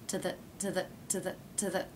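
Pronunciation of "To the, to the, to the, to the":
The words 'to' and 'the' are reduced and linked together.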